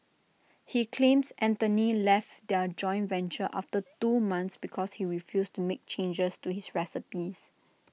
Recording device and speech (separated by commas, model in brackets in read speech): mobile phone (iPhone 6), read sentence